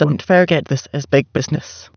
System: TTS, waveform concatenation